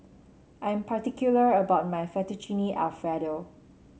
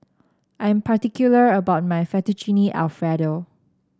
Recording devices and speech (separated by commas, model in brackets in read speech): mobile phone (Samsung C7), standing microphone (AKG C214), read sentence